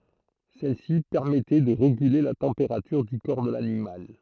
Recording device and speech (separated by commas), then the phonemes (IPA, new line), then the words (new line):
throat microphone, read sentence
sɛlsi pɛʁmɛtɛ də ʁeɡyle la tɑ̃peʁatyʁ dy kɔʁ də lanimal
Celle-ci permettait de réguler la température du corps de l'animal.